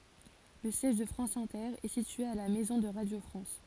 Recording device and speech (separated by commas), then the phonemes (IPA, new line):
forehead accelerometer, read sentence
lə sjɛʒ də fʁɑ̃s ɛ̃tɛʁ ɛ sitye a la mɛzɔ̃ də ʁadjo fʁɑ̃s